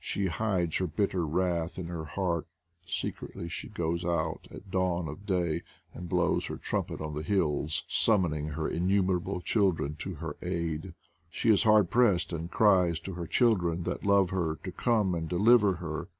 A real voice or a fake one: real